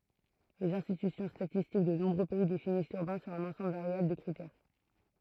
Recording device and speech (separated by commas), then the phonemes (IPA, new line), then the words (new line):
throat microphone, read sentence
lez ɛ̃stity statistik də nɔ̃bʁø pɛi definis lyʁbɛ̃ syʁ œ̃n ɑ̃sɑ̃bl vaʁjabl də kʁitɛʁ
Les instituts statistiques de nombreux pays définissent l'urbain sur un ensemble variable de critères.